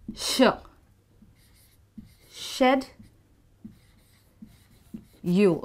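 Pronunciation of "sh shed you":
'Schedule' is pronounced the British way, starting with a sh sound like 'shed', so it sounds like 'shed you' rather than the American 'sked you'.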